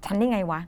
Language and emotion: Thai, frustrated